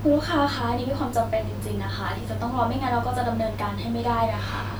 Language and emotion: Thai, neutral